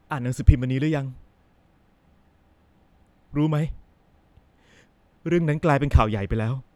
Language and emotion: Thai, sad